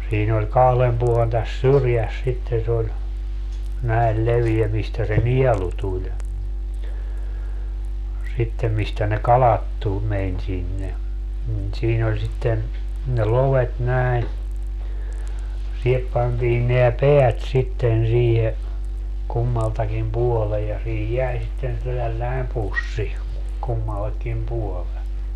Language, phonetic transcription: Finnish, 'siin ‿oĺ 'kahlem puolen täs "syrjäs sitten̬ se oĺ , 'näel 'leviɛ mistä se "niɛlu tuĺ , sittem 'mistä ne "kalat tu- , 'meń sinne , nin 'siin ‿oĺ sitten , ne 'lovet 'näi̮n , 'sihep pantiin neä "peät sitten siihe , 'kummaltakim "puɔlej ja siihij 'jäi sitten tälläi̮m 'pussi , 'kummallekkim 'puole .
- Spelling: siinä oli kahden puolen tässä syrjässä sitten se oli näin leveä mistä se nielu tuli sitten mistä ne kalat - meni sinne niin siinä oli sitten ne lovet näin siihen pantiin nämä päät sitten siihen kummaltakin puolen ja siihen jäi sitten tällainen pussi kummallekin puolen

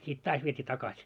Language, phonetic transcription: Finnish, sit "taas viet́ii 'takaś .
- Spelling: sitten taas vietiin takaisin

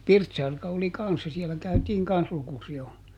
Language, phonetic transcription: Finnish, "Pirtsarka oli ˈkanssa ˈsiɛlä käytiiŋ ˈkans ˈlukusi₍ol .
- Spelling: Pirtsarka oli kanssa siellä käytiin kanssa lukusijoilla

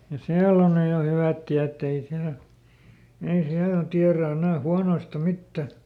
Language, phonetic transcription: Finnish, ja "siäll ‿on ˈnyj jo ˈhyvät ˈtiätt ‿ei ˈsiälᵃ̈ , ei ˈsiällä ˈtiärä enä̀ ˈhuanoista "mittä .
- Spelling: ja siellä on nyt jo hyvät tiet ei siellä ei siellä tiedä enää huonoista mitään

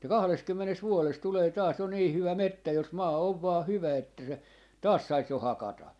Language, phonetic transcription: Finnish, että 'kahleskymmenes 'vuoles 'tulee taas jo 'nii 'hyvä "mettä jos 'maa 'ov vaa 'hyvä että se , 'taas 'sais jo "hakata .
- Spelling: että kahdessakymmenessä vuodessa tulee taas jo niin hyvä metsä jos maa on vain hyvä että sen taas saisi jo hakata

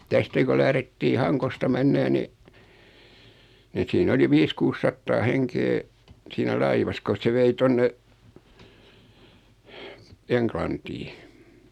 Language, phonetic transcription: Finnish, 'tästä ko 'lährettii "Haŋkosta 'mennee ni , ni siin 'oli 'viis 'kuus sattaa 'heŋkee , siinä 'laivas kos se 'vei 'tonne , "Eŋklantii .
- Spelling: tästä kun lähdettiin Hangosta menemään niin niin siinä oli viisi kuusi sataa henkeä siinä laivassa kun se vei tuonne Englantiin

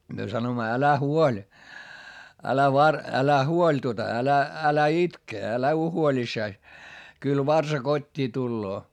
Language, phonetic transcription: Finnish, myö sanoimma » älä huoĺ , älä var- , älä huoĺ tuota älä , älä itke älä uo huoĺissais , kyl varsa kot́t́ii tulloo » .
- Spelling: me sanoimme älä huoli älä - älä huoli tuota älä älä itke älä ole huolissasi kyllä varsa kotiin tulee

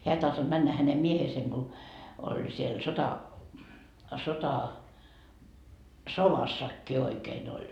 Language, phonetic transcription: Finnish, 'heä ei tahtoD 'männä hänem 'mieheeseŋ Go , oĺ siel 'sota , "sovassakki oikeen ‿oĺ .
- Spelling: hän ei tahtonut mennä hänen miehensä kun oli siellä sota sodassakin oikein oli

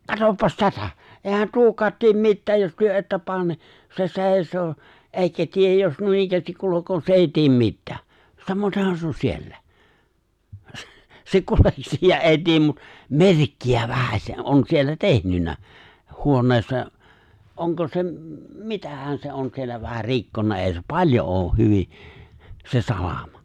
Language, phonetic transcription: Finnish, katoppas 'tätä , 'e̬e̬ⁱhän "tuokaat 'tiem 'mittääj jos 'työ '’että 'paan ni , se 'se̬e̬ⁱs̀oo , '’èikä 'tiej jos 'nuinikkäästik 'kulukoo se 'èi tiem 'mittᴀ̈ᴀ̈ , 'samoⁱtehan se on 'siellä , s- se 'kuleksii ja '’èi 'tiem mut , "merkki₍ä 'vähäse '’on siellä 'tehnynnä , 'huon̆neessa , '’oŋko se m̥- "mitähän 'se on siellä 'vähär "rikkonna '’è̬i̬ se "paĺjo ’ooh 'hyvi , se 'salamᴀ .
- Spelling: katsopas tätä eihän tuokaan tee mitään jos te ette pane niin se seisoo eikä tee jos noinikään kulkee se ei tee mitään samatenhan se on siellä - se kulkee ja ei tee mutta merkkiä vähäsen on siellä tehnyt huoneessa onko se - mitähän se on siellä vähän rikkonut ei se paljon ole hyvin se salama

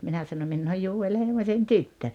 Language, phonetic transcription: Finnish, 'minä sano » 'minn ‿ooj 'Juu₍el 'Heimośen "tyttö « .
- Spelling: minä sanoin minä olen Joel Heimosen tyttö

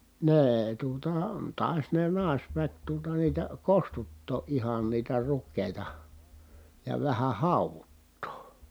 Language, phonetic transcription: Finnish, nee₍e tuota , tài̮s ne nài̮sväk tuota niitä kostuttoo ʼihan niitä rukkèi̮ta , ja vähä hàuvuttoo .
- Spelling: ne tuota taisi ne naisväki tuota niitä kostuttaa ihan niitä rukiita ja vähän hauduttaa

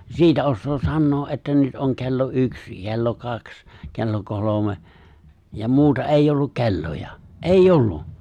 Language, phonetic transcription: Finnish, 'siitä ossoo 'sannoo ’että 'nyt ’oŋ ke̬llo 'yks , ke̬llo 'kaks , ke̬llo 'kolome , ja 'muuta '’èijj ‿olluk 'ke̬lloja , "’eij"j ‿ollu .
- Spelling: siitä osaa sanoa että nyt on kello yksi kello kaksi kello kolme ja muuta ei ollut kelloja ei ollut

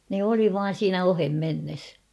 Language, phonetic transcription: Finnish, ne 'oli 'vaan̬ "siinä 'ohem'mennes .
- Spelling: ne oli vain siinä ohimennessä

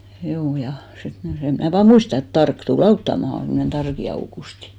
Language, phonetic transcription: Finnish, hjuu ja , 'sit ni , 'sem mnä̀ vaa "muista et 'Tark tu"l ‿auttamahan̬ semmᵒnen 'Tarki 'Aukusti .
- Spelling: juu ja sitten niin sen minä vain muistan että Tarkki tuli auttamaan semmoinen Tarkin Aukusti

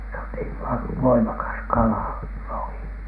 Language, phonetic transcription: Finnish, se on niiv "va- , "voimakas "kalà , 'lohI .
- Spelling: se on niin - voimakas kala lohi

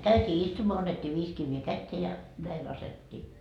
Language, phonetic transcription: Finnish, käytii 'istumoa 'annet́t́ii 'viis kivvee "kättee ja , näi 'lasettii .
- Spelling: käytiin istumaan annettiin viisi kiveä käteen ja näin laskettiin

